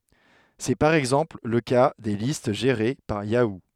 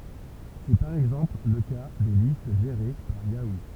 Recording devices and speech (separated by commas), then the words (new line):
headset microphone, temple vibration pickup, read sentence
C'est par exemple le cas des listes gérées par Yahoo!